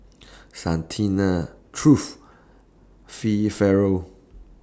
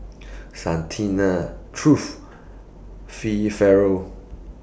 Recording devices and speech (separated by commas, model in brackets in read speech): standing microphone (AKG C214), boundary microphone (BM630), read sentence